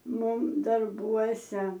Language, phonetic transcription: Lithuanian, ˈmum darˈbuose

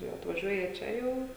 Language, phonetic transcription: Lithuanian, jau atvaˈžiuoja ˈčia jau

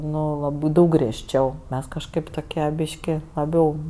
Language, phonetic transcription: Lithuanian, ˈnu laˈbɜ ˈdaug griežˈčiau ˈmes kažˈkaip toˈkie ˈbyški laˈbiau

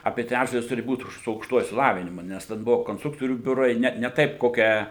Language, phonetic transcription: Lithuanian, ˈapie ˈtræčdalis ˈturi ˈbūt su aukšˈtuoju išsiˈlavinimu ˈnes ten ˈbuvo konstˈruktorių ˈbiurai ˈne ne ˈtaip ˈkokią

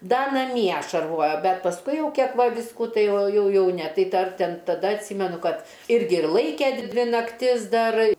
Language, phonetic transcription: Lithuanian, ˈda naˈmie šarˈvojo ˈbet pasˈkui ˈjau ˈkiek ˈva ˈvisku ˈtai ˈjau ˈjau ˈne ˈtai ˈdar ˈten taˈda atˈsymenu ˈkad ˈirgi ir ˈlaike ˈdvi nakˈtis ˈdar

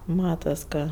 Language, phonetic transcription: Lithuanian, ˈmatas ˈka

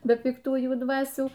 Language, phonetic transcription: Lithuanian, be pikˈtųjų ˈdvasių

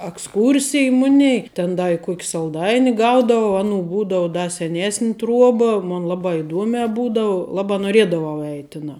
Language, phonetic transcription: Lithuanian, aksˈkūrsij ˈmunei ten ˈda i ˈkuk salˈdaini ˈgaudavau ˈaˌnų ˈbūdau ˈda seˈnėsn' ˈtruoba ˈmun ˈlabā iˈduomiā ˈbūdavu ˈlabā noˈriedavau ˈeit' ˈtinā

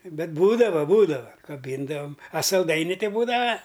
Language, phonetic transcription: Lithuanian, ˈbet ˈbūdavo ˈbūdava kaˈbyndavam a salˈdaini ˈti ˈbūdava

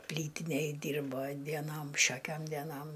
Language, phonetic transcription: Lithuanian, ˈplytinėj ˈdyrbo dieˈnom ˈšiokiom deˈnom

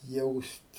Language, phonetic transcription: Lithuanian, ˈjaust'

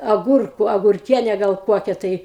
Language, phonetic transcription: Lithuanian, aˈgurku agurˈkiene ˈgal ˈkuokia tai

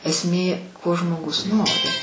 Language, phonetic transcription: Lithuanian, esˈmė ko žmoˈgus ˈnori

